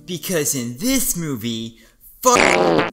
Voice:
Really funny, wacky voice